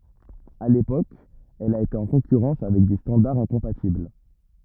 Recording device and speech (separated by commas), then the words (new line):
rigid in-ear microphone, read sentence
À l'époque elle a été en concurrence avec des standards incompatibles.